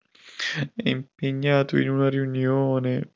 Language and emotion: Italian, sad